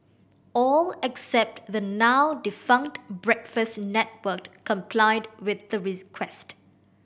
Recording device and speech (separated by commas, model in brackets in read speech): boundary microphone (BM630), read sentence